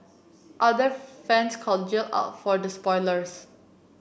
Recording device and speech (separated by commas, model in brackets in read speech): boundary microphone (BM630), read sentence